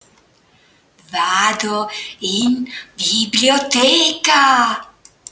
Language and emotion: Italian, surprised